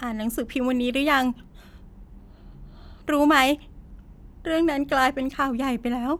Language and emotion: Thai, sad